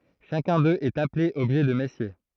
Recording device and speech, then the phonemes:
throat microphone, read sentence
ʃakœ̃ døz ɛt aple ɔbʒɛ də mɛsje

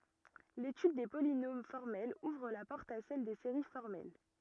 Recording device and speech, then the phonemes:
rigid in-ear microphone, read sentence
letyd de polinom fɔʁmɛlz uvʁ la pɔʁt a sɛl de seʁi fɔʁmɛl

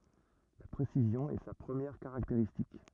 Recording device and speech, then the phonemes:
rigid in-ear microphone, read sentence
la pʁesizjɔ̃ ɛ sa pʁəmjɛʁ kaʁakteʁistik

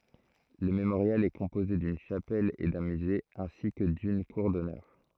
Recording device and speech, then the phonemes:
throat microphone, read sentence
lə memoʁjal ɛ kɔ̃poze dyn ʃapɛl e dœ̃ myze ɛ̃si kə dyn kuʁ dɔnœʁ

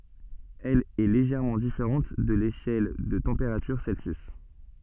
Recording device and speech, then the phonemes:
soft in-ear microphone, read sentence
ɛl ɛ leʒɛʁmɑ̃ difeʁɑ̃t də leʃɛl də tɑ̃peʁatyʁ sɛlsjys

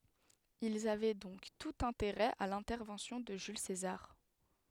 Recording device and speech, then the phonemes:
headset microphone, read sentence
ilz avɛ dɔ̃k tut ɛ̃teʁɛ a lɛ̃tɛʁvɑ̃sjɔ̃ də ʒyl sezaʁ

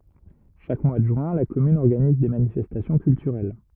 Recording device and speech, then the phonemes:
rigid in-ear microphone, read sentence
ʃak mwa də ʒyɛ̃ la kɔmyn ɔʁɡaniz de manifɛstasjɔ̃ kyltyʁɛl

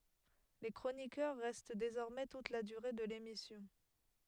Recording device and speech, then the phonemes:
headset microphone, read sentence
le kʁonikœʁ ʁɛst dezɔʁmɛ tut la dyʁe də lemisjɔ̃

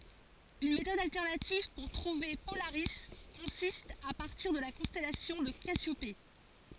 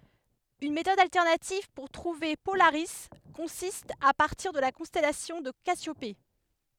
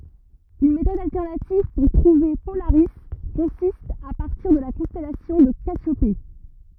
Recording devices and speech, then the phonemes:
forehead accelerometer, headset microphone, rigid in-ear microphone, read sentence
yn metɔd altɛʁnativ puʁ tʁuve polaʁi kɔ̃sist a paʁtiʁ də la kɔ̃stɛlasjɔ̃ də kasjope

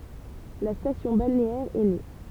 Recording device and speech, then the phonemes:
temple vibration pickup, read sentence
la stasjɔ̃ balneɛʁ ɛ ne

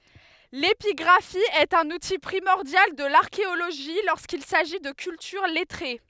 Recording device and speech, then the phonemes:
headset microphone, read sentence
lepiɡʁafi ɛt œ̃n uti pʁimɔʁdjal də laʁkeoloʒi loʁskil saʒi də kyltyʁ lɛtʁe

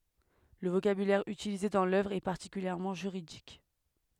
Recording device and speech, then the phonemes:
headset microphone, read sentence
lə vokabylɛʁ ytilize dɑ̃ lœvʁ ɛ paʁtikyljɛʁmɑ̃ ʒyʁidik

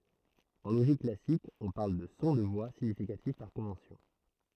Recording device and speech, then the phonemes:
throat microphone, read sentence
ɑ̃ loʒik klasik ɔ̃ paʁl də sɔ̃ də vwa siɲifikatif paʁ kɔ̃vɑ̃sjɔ̃

